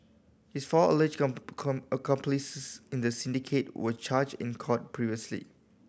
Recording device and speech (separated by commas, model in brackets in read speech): boundary microphone (BM630), read sentence